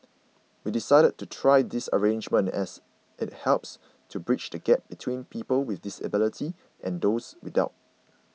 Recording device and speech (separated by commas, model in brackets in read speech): mobile phone (iPhone 6), read sentence